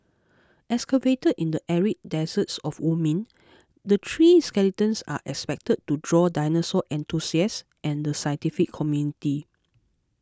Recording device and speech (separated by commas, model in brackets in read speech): close-talking microphone (WH20), read sentence